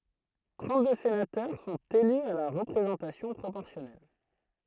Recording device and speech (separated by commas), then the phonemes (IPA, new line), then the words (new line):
throat microphone, read sentence
tʁɑ̃tdø senatœʁ sɔ̃t ely a la ʁəpʁezɑ̃tasjɔ̃ pʁopɔʁsjɔnɛl
Trente-deux sénateurs sont élus à la représentation proportionnelle.